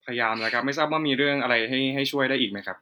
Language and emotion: Thai, neutral